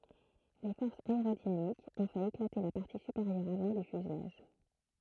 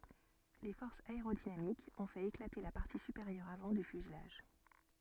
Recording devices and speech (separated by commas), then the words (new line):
throat microphone, soft in-ear microphone, read sentence
Les forces aérodynamiques ont fait éclater la partie supérieure avant du fuselage.